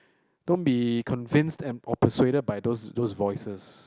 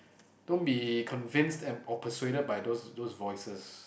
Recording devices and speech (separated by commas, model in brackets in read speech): close-talking microphone, boundary microphone, conversation in the same room